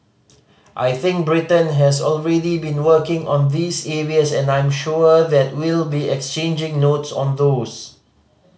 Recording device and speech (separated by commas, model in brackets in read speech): mobile phone (Samsung C5010), read sentence